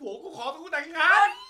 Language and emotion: Thai, happy